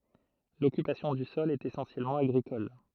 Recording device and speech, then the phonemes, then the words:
throat microphone, read sentence
lɔkypasjɔ̃ dy sɔl ɛt esɑ̃sjɛlmɑ̃ aɡʁikɔl
L’occupation du sol est essentiellement agricole.

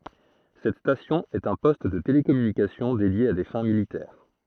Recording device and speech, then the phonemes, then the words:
throat microphone, read sentence
sɛt stasjɔ̃ ɛt œ̃ pɔst də telekɔmynikasjɔ̃ dedje a de fɛ̃ militɛʁ
Cette station est un poste de télécommunication dédié à des fins militaires.

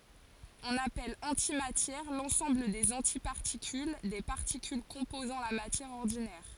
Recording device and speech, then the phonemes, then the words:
forehead accelerometer, read sentence
ɔ̃n apɛl ɑ̃timatjɛʁ lɑ̃sɑ̃bl dez ɑ̃tipaʁtikyl de paʁtikyl kɔ̃pozɑ̃ la matjɛʁ ɔʁdinɛʁ
On appelle antimatière l'ensemble des antiparticules des particules composant la matière ordinaire.

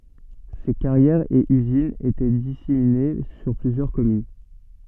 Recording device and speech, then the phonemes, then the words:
soft in-ear microphone, read sentence
se kaʁjɛʁz e yzinz etɛ disemine syʁ plyzjœʁ kɔmyn
Ces carrières et usines étaient disséminées sur plusieurs communes.

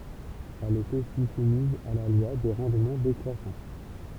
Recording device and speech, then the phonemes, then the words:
temple vibration pickup, read sentence
ɛl ɛt osi sumiz a la lwa de ʁɑ̃dmɑ̃ dekʁwasɑ̃
Elle est aussi soumise à la loi des rendements décroissants.

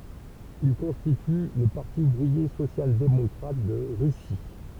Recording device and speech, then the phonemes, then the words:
temple vibration pickup, read sentence
il kɔ̃stity lə paʁti uvʁie sosjaldemɔkʁat də ʁysi
Ils constituent le Parti ouvrier social-démocrate de Russie.

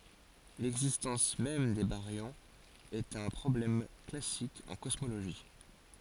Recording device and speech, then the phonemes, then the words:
forehead accelerometer, read sentence
lɛɡzistɑ̃s mɛm de baʁjɔ̃z ɛt œ̃ pʁɔblɛm klasik ɑ̃ kɔsmoloʒi
L'existence même des baryons est un problème classique en cosmologie.

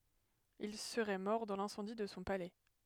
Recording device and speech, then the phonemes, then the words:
headset microphone, read sentence
il səʁɛ mɔʁ dɑ̃ lɛ̃sɑ̃di də sɔ̃ palɛ
Il serait mort dans l'incendie de son palais.

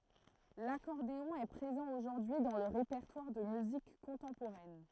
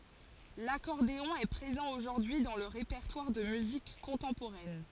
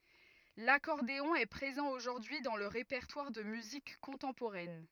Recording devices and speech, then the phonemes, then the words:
throat microphone, forehead accelerometer, rigid in-ear microphone, read sentence
lakɔʁdeɔ̃ ɛ pʁezɑ̃ oʒuʁdyi dɑ̃ lə ʁepɛʁtwaʁ də myzik kɔ̃tɑ̃poʁɛn
L'accordéon est présent aujourd'hui dans le répertoire de musique contemporaine.

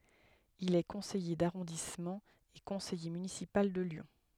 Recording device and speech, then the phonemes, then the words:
headset microphone, read sentence
il ɛ kɔ̃sɛje daʁɔ̃dismɑ̃ e kɔ̃sɛje mynisipal də ljɔ̃
Il est Conseiller d'arrondissement et Conseiller Municipal de Lyon.

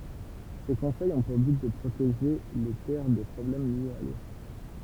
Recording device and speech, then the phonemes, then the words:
temple vibration pickup, read sentence
se kɔ̃sɛjz ɔ̃ puʁ byt də pʁoteʒe le tɛʁ de pʁɔblɛm ljez a lo
Ces conseils ont pour but de protéger les terres des problèmes liés à l'eau.

